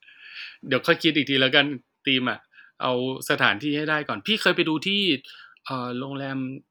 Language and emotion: Thai, neutral